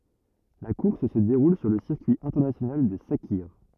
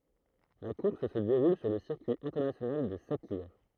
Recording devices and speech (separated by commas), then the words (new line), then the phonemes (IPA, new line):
rigid in-ear microphone, throat microphone, read sentence
La course se déroule sur le circuit international de Sakhir.
la kuʁs sə deʁul syʁ lə siʁkyi ɛ̃tɛʁnasjonal də sakiʁ